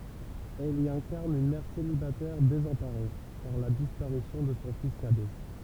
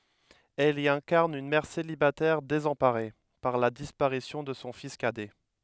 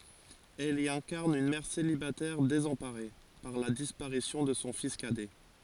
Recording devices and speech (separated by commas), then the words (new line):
temple vibration pickup, headset microphone, forehead accelerometer, read sentence
Elle y incarne une mère célibataire désemparée par la disparition de son fils cadet.